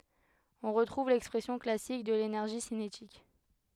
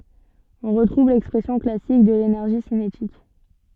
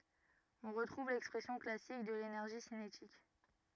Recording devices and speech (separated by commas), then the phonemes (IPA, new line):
headset microphone, soft in-ear microphone, rigid in-ear microphone, read sentence
ɔ̃ ʁətʁuv lɛkspʁɛsjɔ̃ klasik də lenɛʁʒi sinetik